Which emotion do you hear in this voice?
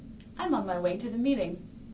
neutral